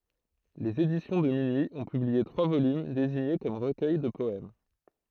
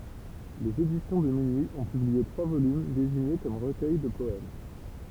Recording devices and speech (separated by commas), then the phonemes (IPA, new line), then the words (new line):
throat microphone, temple vibration pickup, read sentence
lez edisjɔ̃ də minyi ɔ̃ pyblie tʁwa volym deziɲe kɔm ʁəkœj də pɔɛm
Les Éditions de Minuit ont publié trois volumes désignés comme recueils de poèmes.